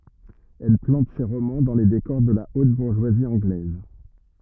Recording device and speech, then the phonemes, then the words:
rigid in-ear microphone, read sentence
ɛl plɑ̃t se ʁomɑ̃ dɑ̃ le dekɔʁ də la ot buʁʒwazi ɑ̃ɡlɛz
Elle plante ses romans dans les décors de la haute bourgeoisie anglaise.

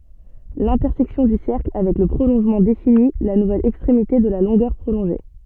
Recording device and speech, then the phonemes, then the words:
soft in-ear microphone, read sentence
lɛ̃tɛʁsɛksjɔ̃ dy sɛʁkl avɛk lə pʁolɔ̃ʒmɑ̃ defini la nuvɛl ɛkstʁemite də la lɔ̃ɡœʁ pʁolɔ̃ʒe
L'intersection du cercle avec le prolongement définit la nouvelle extrémité de la longueur prolongée.

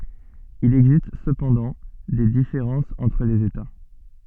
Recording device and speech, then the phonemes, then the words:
soft in-ear microphone, read sentence
il ɛɡzist səpɑ̃dɑ̃ de difeʁɑ̃sz ɑ̃tʁ lez eta
Il existe cependant des différences entre les États.

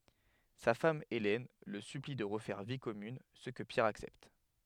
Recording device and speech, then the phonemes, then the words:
headset microphone, read sentence
sa fam elɛn lə sypli də ʁəfɛʁ vi kɔmyn sə kə pjɛʁ aksɛpt
Sa femme Hélène le supplie de refaire vie commune, ce que Pierre accepte.

